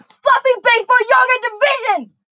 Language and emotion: English, angry